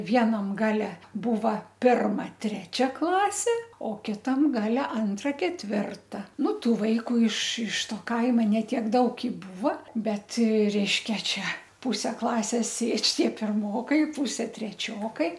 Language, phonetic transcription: Lithuanian, ˈvienam ˈgale ˈbūva ˈpirma ˈtrečia ˈklasė o ˈkitam ˈgale ˈantra ketˈvirta ˈnu ˈtų ˈvaiku iš iš ˈto ˈkaima ne ˈtiek ˈdaug i ˈbūva ˈbet ˈreiškia ˈčia ˈpuse ˈklasės ˈsėdž' ˈtie pirˈmokai ˈpūse treˈčiokai

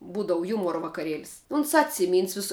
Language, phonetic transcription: Lithuanian, ˈbūdavu ˈjūmuora vakaˈrielis uns ˈatsiˌmyns ˈvisa

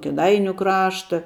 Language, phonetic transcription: Lithuanian, kėˈdainiu ˈkrašta

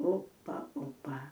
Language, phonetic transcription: Lithuanian, ˈopa ˈopa

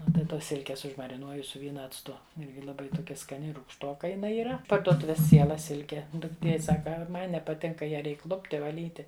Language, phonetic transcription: Lithuanian, ˈnu tai ˈtos ˈsilkės užmariˈnuoju su ˈvyna acˈtu ˈirgi laˈbai toˈkia skaˈni rūgšˈtoka jiˈnai yˈra parduoˈtuvės ˈciela ˈsilke dukˈtie ˈsaka ˈma nepaˈtink kai ˈją ˈreik ˈlupti vaˈlyti

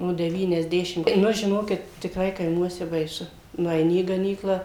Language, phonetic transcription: Lithuanian, no devyniasˈdešim ˈnu žiˈnokit tikˈrai kaiˈmuose baiˈsu nueiˈni į gaˈnyklą

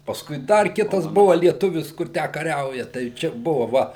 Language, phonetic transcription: Lithuanian, pasˈkui ˈdar ˈkitas ˈbuva lieˈtuvis ˈkur ˈtę kaˈriauja tai ˈčia ˈbuvo ˈva

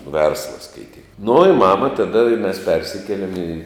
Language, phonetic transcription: Lithuanian, ˈversla skaiˈtyk nu i ˈmama taˈda i mes ˈpersikielem į

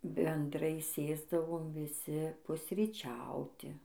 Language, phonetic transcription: Lithuanian, benˈdrai ˈsėsdavom viˈsi pusryˈčiauti

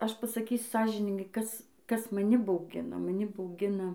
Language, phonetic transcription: Lithuanian, ˈaš pasaˈkysiu ˈsąžiningai ˈkas ˈkas maˈni bauˈgina maˈni bauˈgina

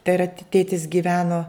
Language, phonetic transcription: Lithuanian, te ra ˈtėtis gyˈveno

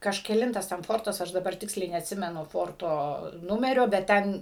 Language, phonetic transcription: Lithuanian, kažkeˈlintas ten ˈfortas ˈaš daˈbar ˈtiksliai neatˈsimenu ˈforto ˈnumerio bet ˈten

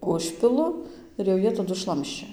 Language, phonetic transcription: Lithuanian, ˈužpilu ir jau ˈjie ˈtadu ˈšlamščia

